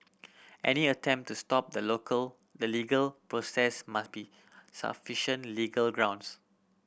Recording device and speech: boundary microphone (BM630), read sentence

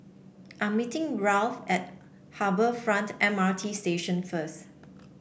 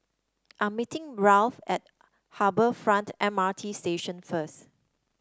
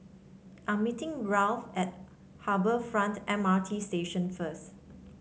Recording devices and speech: boundary microphone (BM630), standing microphone (AKG C214), mobile phone (Samsung C7), read sentence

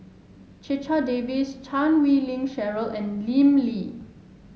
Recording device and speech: mobile phone (Samsung S8), read sentence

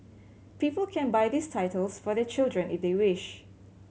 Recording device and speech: mobile phone (Samsung C7100), read sentence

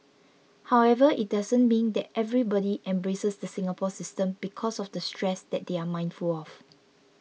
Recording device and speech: mobile phone (iPhone 6), read sentence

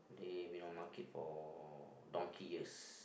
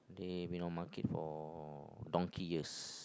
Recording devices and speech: boundary microphone, close-talking microphone, conversation in the same room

